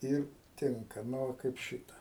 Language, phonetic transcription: Lithuanian, ˈir ˈtinka ˈnu va kaip ˈšita

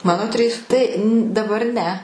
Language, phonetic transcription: Lithuanian, ˈmano ˈtrys ˈtai daˈbar ˈne

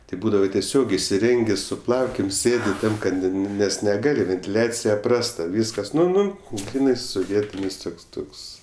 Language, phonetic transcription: Lithuanian, ˈtai ˈbūdava teˈsiog isiˈrengė su ˈplaukėm ˈsėdi ˈtam kad ˈnu nu ˈnes neˈgali ventiˈliacija ˈprasta ˈvyskas ˈnu ˈnu ˈgrynai suˈvietinis ˈtuks ˈtuks

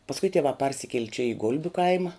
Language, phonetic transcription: Lithuanian, pasˈkui tieˈvā ˈparsikieli čia i ˈgulbiu ˈkaima

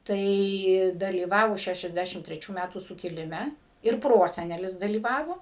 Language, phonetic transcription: Lithuanian, ˈtai dalyˈvavo ˌšæšiasˈdæšim treˈčių ˈmætų sukiliˈme ir ˈprosenelis dalyˈvavo

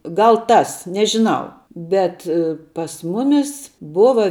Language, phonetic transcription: Lithuanian, ˈgal ˈtas nežiˈnau ˈbet pas ˈmumis ˈbuva

